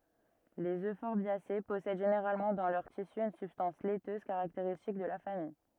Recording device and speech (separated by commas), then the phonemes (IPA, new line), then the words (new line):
rigid in-ear microphone, read sentence
lez øfɔʁbjase pɔsɛd ʒeneʁalmɑ̃ dɑ̃ lœʁ tisy yn sybstɑ̃s lɛtøz kaʁakteʁistik də la famij
Les euphorbiacées possèdent généralement dans leurs tissus une substance laiteuse caractéristique de la famille.